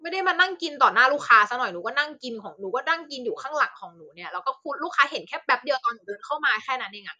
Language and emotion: Thai, frustrated